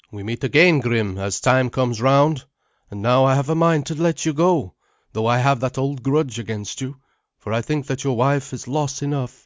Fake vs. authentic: authentic